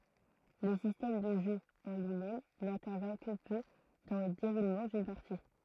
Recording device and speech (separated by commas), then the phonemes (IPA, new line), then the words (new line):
throat microphone, read sentence
lə sistɛm də ʒø ɑ̃ lyimɛm nɛ̃tɛʁvjɛ̃ kə pø dɑ̃ lə deʁulmɑ̃ dyn paʁti
Le système de jeu en lui-même n'intervient que peu dans le déroulement d'une partie.